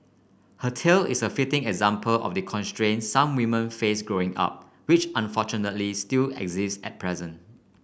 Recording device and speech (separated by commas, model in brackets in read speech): boundary microphone (BM630), read sentence